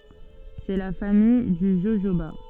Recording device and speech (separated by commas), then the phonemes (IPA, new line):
soft in-ear microphone, read sentence
sɛ la famij dy ʒoʒoba